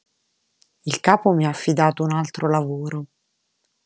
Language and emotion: Italian, neutral